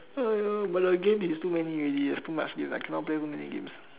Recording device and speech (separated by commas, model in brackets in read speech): telephone, conversation in separate rooms